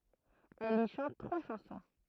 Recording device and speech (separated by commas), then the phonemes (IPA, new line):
throat microphone, read sentence
ɛl i ʃɑ̃t tʁwa ʃɑ̃sɔ̃